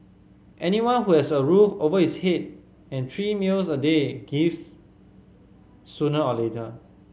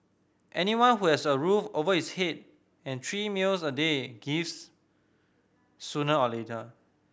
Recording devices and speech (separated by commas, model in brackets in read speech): mobile phone (Samsung C5010), boundary microphone (BM630), read sentence